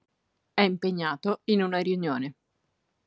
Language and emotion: Italian, neutral